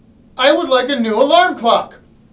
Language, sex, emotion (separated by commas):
English, male, angry